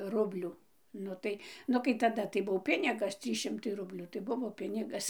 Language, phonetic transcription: Lithuanian, ˈrublių ˈnu tai ˈnu kai taˈda tai ˈbuo ˈpinigas ˈtrys ˈšimtai ˈrublių tai ˈbuvo ˈpinigas

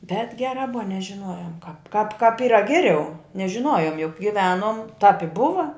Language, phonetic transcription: Lithuanian, bet ˈgerā ˈbuva nežiˈnojom kāp kāp kāp ˈyra ˈgeˌriau nežiˈnojom juk giˈvenom tāp i ˈbuva

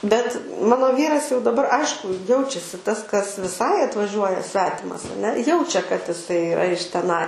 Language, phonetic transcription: Lithuanian, bet ˈmano ˈvyras jau daˈbar ˈaišku ˈjaučiasi tas kas viˈsai atvaˈžiuoja ˈsvetimas aˈne ˈjaučia kad iˈsai iˈra iš teˈnai

